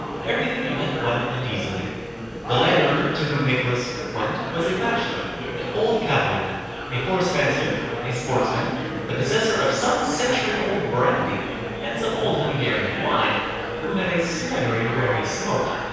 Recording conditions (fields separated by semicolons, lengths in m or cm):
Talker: one person; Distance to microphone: 7.1 m; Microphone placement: far; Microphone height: 1.7 m; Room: very reverberant, large; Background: babble